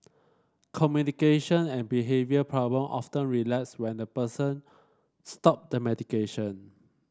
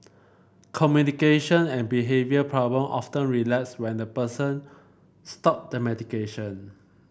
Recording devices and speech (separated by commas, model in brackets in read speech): standing microphone (AKG C214), boundary microphone (BM630), read sentence